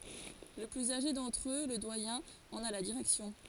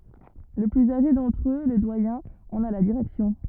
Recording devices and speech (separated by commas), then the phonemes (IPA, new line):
forehead accelerometer, rigid in-ear microphone, read sentence
lə plyz aʒe dɑ̃tʁ ø lə dwajɛ̃ ɑ̃n a la diʁɛksjɔ̃